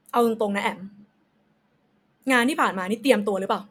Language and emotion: Thai, frustrated